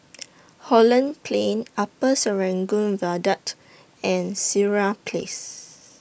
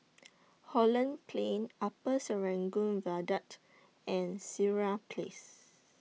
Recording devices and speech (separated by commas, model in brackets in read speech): boundary microphone (BM630), mobile phone (iPhone 6), read sentence